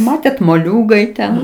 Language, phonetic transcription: Lithuanian, ˈmatėt moˈliūgai ˈten

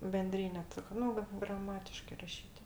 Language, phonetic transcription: Lithuanian, benˈdryne ˈtik ˈnu vat graˈmatiškɜ ˈrašyt'

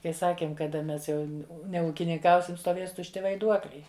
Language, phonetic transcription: Lithuanian, kai ˈsakėm kaˈda ˈmes ˈjau neūkininˈkausim stoˈvės tušˈti vaiˈduokliai

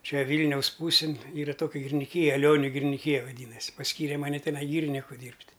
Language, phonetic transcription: Lithuanian, ˈčia ˈvylniaus ˈpūsin ˈyra ˈtokia giriniˈkyja aˈlioniu giriniˈkyja vaˈdynas' pasˈkyre ˈmane teˈnai ˈgyriniku ˈdyrbt'

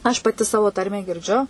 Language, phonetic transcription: Lithuanian, aš paˈti ˈsavo ˈtarmę girˈdžiu

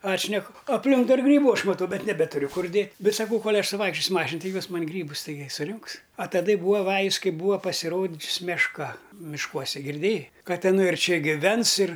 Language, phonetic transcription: Lithuanian, ˈatšneku apˈlink dar ˈgrybu ˈaš maˈtau ˈbet neˈbeturiu ˈkur ˈdėt' ˈbet saˈkau ˈkol' ˈaš suˈvaikščiosiu ˈmašin ˈti ˈjos ˈman' ˈgrybus taiˈgi suˈriunks a taˈda i ˈbūa ˈvajus ˈkai ˈbūa pasiˈrodžius mešˈka mišˈkuose girˈdėjai ˈkad iˈnai ir ˈčia giˈvens ir

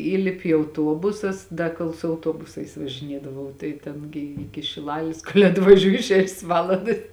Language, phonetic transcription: Lithuanian, ˈįlipi i auˈtuobusus ˈda kol su auˈtuobusais važiˈniedavau tai ˈten gi ˈiki šiˈlalis kol' atvaˈžiūji ˈšešės ˈvalandas

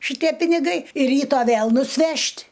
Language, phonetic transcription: Lithuanian, šiˈtie piniˈgai ir ˈryto ˈvėl nusˈvežt'

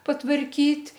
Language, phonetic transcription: Lithuanian, patvarˈkyt'

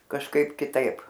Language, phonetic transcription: Lithuanian, kažˈkaip kiˈtaip

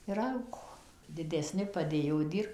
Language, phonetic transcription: Lithuanian, ir ˈaugo didesˈni paˈdėjo ˈdyr

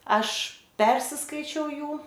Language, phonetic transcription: Lithuanian, ˈaš ˈpersiskaičiau ˈjų

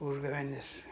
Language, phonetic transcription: Lithuanian, ˈūžgavenis

